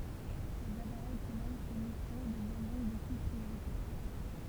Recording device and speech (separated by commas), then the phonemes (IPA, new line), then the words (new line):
temple vibration pickup, read sentence
lez apaʁɛj ki mɛn se misjɔ̃ dəvjɛn dɔ̃k de sibl pʁioʁitɛʁ
Les appareils qui mènent ces missions deviennent donc des cibles prioritaires.